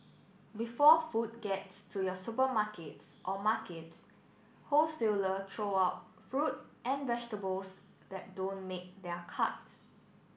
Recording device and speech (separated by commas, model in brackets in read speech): boundary microphone (BM630), read sentence